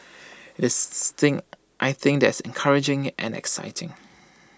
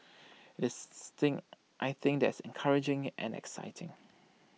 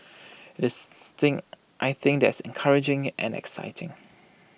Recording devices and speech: standing microphone (AKG C214), mobile phone (iPhone 6), boundary microphone (BM630), read sentence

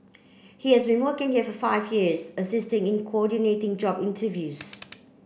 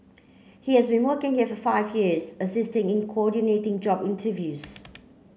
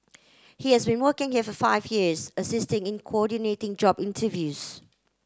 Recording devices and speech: boundary microphone (BM630), mobile phone (Samsung C9), close-talking microphone (WH30), read sentence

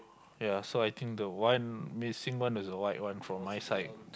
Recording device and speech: close-talking microphone, conversation in the same room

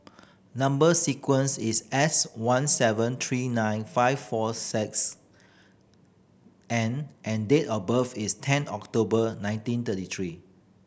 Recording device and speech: boundary microphone (BM630), read sentence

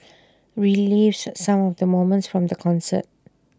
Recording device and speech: standing microphone (AKG C214), read sentence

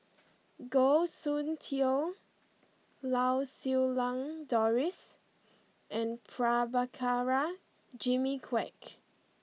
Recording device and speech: mobile phone (iPhone 6), read sentence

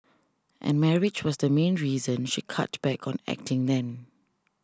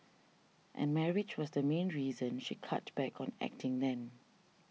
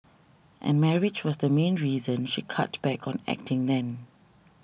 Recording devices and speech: standing microphone (AKG C214), mobile phone (iPhone 6), boundary microphone (BM630), read sentence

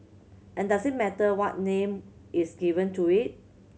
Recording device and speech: mobile phone (Samsung C7100), read sentence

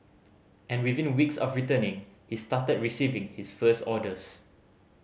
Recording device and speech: mobile phone (Samsung C5010), read sentence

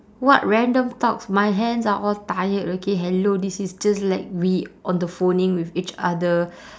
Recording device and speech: standing microphone, conversation in separate rooms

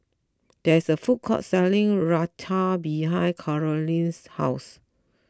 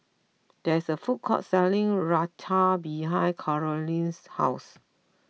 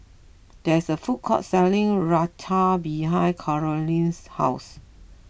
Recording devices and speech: close-talking microphone (WH20), mobile phone (iPhone 6), boundary microphone (BM630), read sentence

